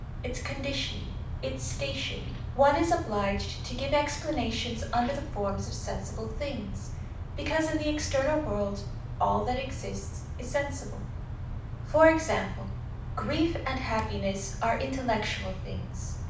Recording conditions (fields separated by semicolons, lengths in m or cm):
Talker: one person; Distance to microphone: 5.8 m; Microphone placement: far; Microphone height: 1.8 m; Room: medium-sized (5.7 m by 4.0 m); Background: television